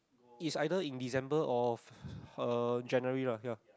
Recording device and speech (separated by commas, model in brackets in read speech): close-talking microphone, conversation in the same room